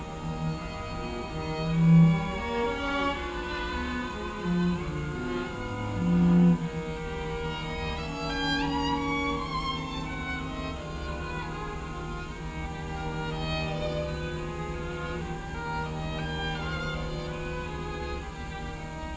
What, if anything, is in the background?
Music.